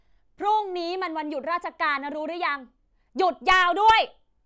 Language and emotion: Thai, angry